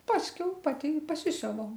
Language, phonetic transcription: Lithuanian, ˈpaskiau ˈpati i paˈsisiuvau

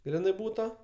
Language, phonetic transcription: Lithuanian, ˈgrinɜ ˈbūta

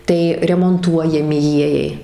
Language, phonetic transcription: Lithuanian, ˈtai remonˈtuojami ˈjiejai

